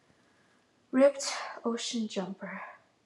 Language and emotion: English, sad